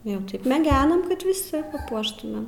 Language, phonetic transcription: Lithuanian, jau ˈtaip meˈgenam kad viˈsi paˈpuoštumėm

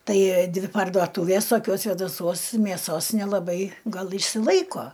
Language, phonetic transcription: Lithuanian, ˈtai ˈdvi parduoˈtūvės toˈkios svėdaˈsuos mėˈsos nelaˈbai ˈgal išsiˈlaiko

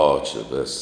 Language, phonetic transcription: Lithuanian, ˈo čia ˈvis

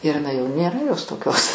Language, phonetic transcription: Lithuanian, ir iˈnai jau nėˈra jos toˈkios

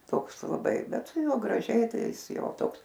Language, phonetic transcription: Lithuanian, ˈtoks laˈbai ˈbet su ˈjuo graˈžiai ˈtai ˈjis ˈjau ˈtoks

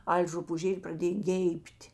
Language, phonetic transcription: Lithuanian, ˈal' rupūˈžėl' praˈdėj ˈgeib't'

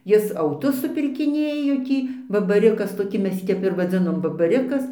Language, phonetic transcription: Lithuanian, ˈjis auˈtus supirkiˈnėjo ˈtį babaˈrikas toˈki ˈmes ˈjį ˈtep ir vaˈdzinom babaˈrikas

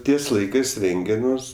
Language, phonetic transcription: Lithuanian, ˈties ˈlaikɜs ˈrenge ˈmus

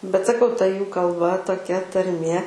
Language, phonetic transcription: Lithuanian, bet saˈkau ta ˈjų kalˈba toˈkia tarˈmė

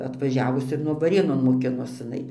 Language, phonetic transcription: Lithuanian, atvaˈžiavus ir nu vaˈrėnon moˈkinos iˈnai

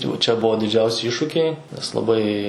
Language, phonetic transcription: Lithuanian, jau ˈčia ˈbuvo didˈžiausi ˈyššukiai nes laˈbai

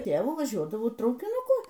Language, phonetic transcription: Lithuanian, ˈtėvu vaˈžiuodavau traukinuˈku

